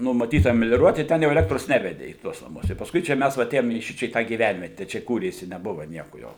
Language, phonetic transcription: Lithuanian, numaˈtyta melioˈruot i ˈten jau eˈlektros ˈnevede į ˈtuos naˈmus jau pasˈkui čia ˈmes va aˈtėjom į ˈšičia į ˈtą gyˈvænviete čia ˈkūrėsi neˈbuva ˈnieku jau

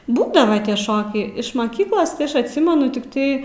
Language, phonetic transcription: Lithuanian, ˈbūdava tie ˈšokiai iš maˈkyklos tai ˈaš atˈsimenu tikˈtai

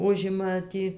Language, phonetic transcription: Lithuanian, ˈužima ˈtį

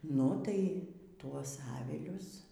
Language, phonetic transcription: Lithuanian, ˈnu tai ˈtuos ˈavilius

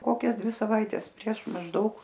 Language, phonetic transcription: Lithuanian, ˈkokias ˈdvi saˈvaites prieš mažˈdaug

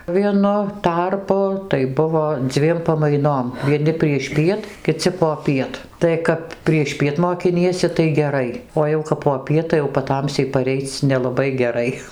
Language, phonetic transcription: Lithuanian, vieˈnu ˈtarpu tai ˈbuvo ˈdzviem pamaiˈnom vieˈni priešˈpiet kiˈci poˈpiet tai ˈkap priešˈpiet mokiˈniesi tai geˈrai o jau kap poˈpiet tai jau paˈtamsiai paˈreic nelaˈbai geˈrai

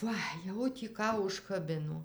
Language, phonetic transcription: Lithuanian, ˈva jau tį ˈką užkaˈbino

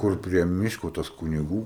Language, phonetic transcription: Lithuanian, ˈkur prie ˈmiško tas kuniˈgų

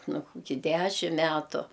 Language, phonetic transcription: Lithuanian, ˈnu kuˈkį ˈdæšim ˈmætu

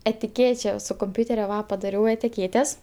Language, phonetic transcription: Lithuanian, etiˈkėče su kumˈpiūteriu ˈva padaˈriau etiˈkėtes

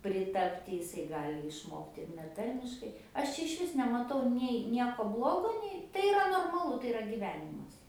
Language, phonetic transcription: Lithuanian, priˈtapti jiˈsai ˈgali išˈmokti ir neˈtarmiškai ˈaš čia išˈvis nemaˈtau nei ˈnieko ˈblogo ˈnei ˈtai iˈra normaˈlu tai iˈra gyˈvenimas

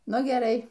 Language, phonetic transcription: Lithuanian, ˈnu geˈrai

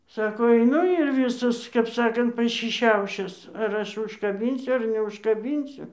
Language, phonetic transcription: Lithuanian, ˈsako aiˈnu ir ˈvysas kap ˈsakant pašiˈšiaušis ar ˈaš užkaˈbynsiu ar neužkaˈbynsiu

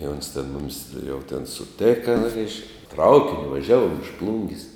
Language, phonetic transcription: Lithuanian, i ons ten ˈmumis jau ten suˈteka reišk ˈtraukiniu vaˈžiavuom iš ˈplungis

